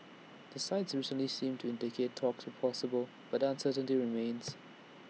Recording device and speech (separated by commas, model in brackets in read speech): mobile phone (iPhone 6), read sentence